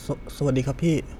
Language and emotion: Thai, frustrated